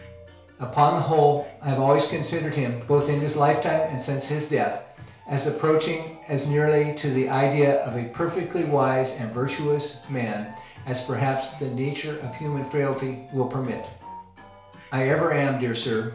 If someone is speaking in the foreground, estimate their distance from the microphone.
1.0 m.